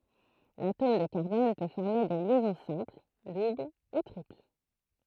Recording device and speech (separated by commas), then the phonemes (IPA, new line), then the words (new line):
throat microphone, read sentence
latom də kaʁbɔn pø fɔʁme de ljɛzɔ̃ sɛ̃pl dubl u tʁipl
L’atome de carbone peut former des liaisons simples, doubles ou triples.